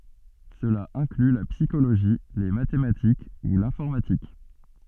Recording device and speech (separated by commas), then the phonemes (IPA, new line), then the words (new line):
soft in-ear microphone, read sentence
səla ɛ̃kly la psikoloʒi le matematik u lɛ̃fɔʁmatik
Cela inclut la psychologie, les mathématiques ou l'informatique.